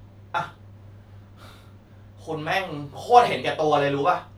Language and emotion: Thai, frustrated